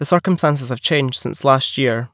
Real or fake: real